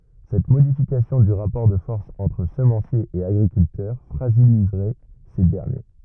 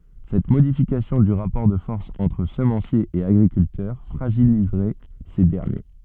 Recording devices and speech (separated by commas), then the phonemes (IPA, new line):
rigid in-ear microphone, soft in-ear microphone, read sentence
sɛt modifikasjɔ̃ dy ʁapɔʁ də fɔʁs ɑ̃tʁ səmɑ̃sjez e aɡʁikyltœʁ fʁaʒilizʁɛ se dɛʁnje